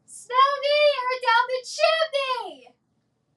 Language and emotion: English, fearful